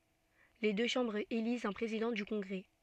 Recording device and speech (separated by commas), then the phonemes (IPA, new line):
soft in-ear microphone, read sentence
le dø ʃɑ̃bʁz elizt œ̃ pʁezidɑ̃ dy kɔ̃ɡʁɛ